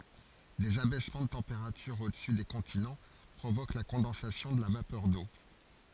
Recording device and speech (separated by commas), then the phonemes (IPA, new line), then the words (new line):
forehead accelerometer, read sentence
dez abɛsmɑ̃ də tɑ̃peʁatyʁ odəsy de kɔ̃tinɑ̃ pʁovok la kɔ̃dɑ̃sasjɔ̃ də la vapœʁ do
Des abaissements de température au-dessus des continents provoquent la condensation de la vapeur d’eau.